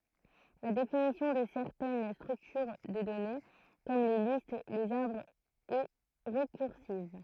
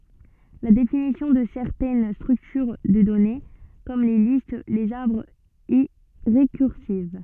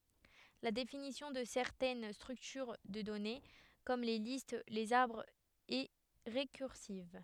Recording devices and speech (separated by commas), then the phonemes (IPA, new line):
throat microphone, soft in-ear microphone, headset microphone, read sentence
la definisjɔ̃ də sɛʁtɛn stʁyktyʁ də dɔne kɔm le list lez aʁbʁz ɛ ʁekyʁsiv